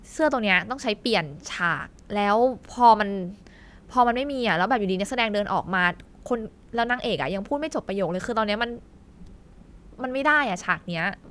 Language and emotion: Thai, frustrated